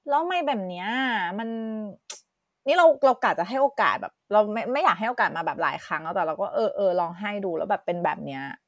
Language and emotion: Thai, frustrated